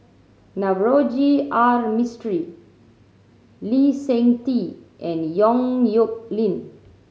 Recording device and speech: mobile phone (Samsung C7100), read sentence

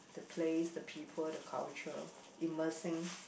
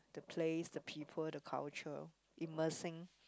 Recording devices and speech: boundary microphone, close-talking microphone, conversation in the same room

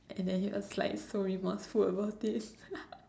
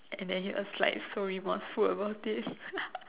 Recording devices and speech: standing microphone, telephone, conversation in separate rooms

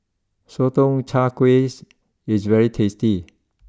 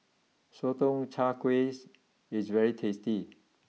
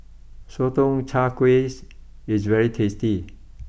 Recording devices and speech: close-talking microphone (WH20), mobile phone (iPhone 6), boundary microphone (BM630), read sentence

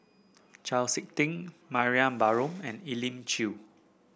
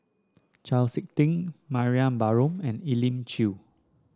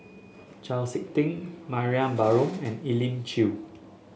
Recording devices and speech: boundary microphone (BM630), standing microphone (AKG C214), mobile phone (Samsung S8), read sentence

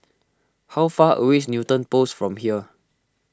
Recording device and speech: close-talking microphone (WH20), read sentence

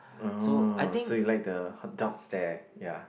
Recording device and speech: boundary microphone, conversation in the same room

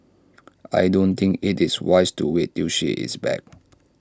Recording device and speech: standing microphone (AKG C214), read sentence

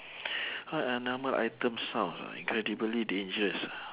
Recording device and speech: telephone, conversation in separate rooms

